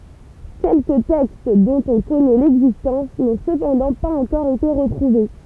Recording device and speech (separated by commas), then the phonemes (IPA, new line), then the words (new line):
temple vibration pickup, read sentence
kɛlkə tɛkst dɔ̃t ɔ̃ kɔnɛ lɛɡzistɑ̃s nɔ̃ səpɑ̃dɑ̃ paz ɑ̃kɔʁ ete ʁətʁuve
Quelques textes, dont on connaît l’existence, n’ont cependant pas encore été retrouvés.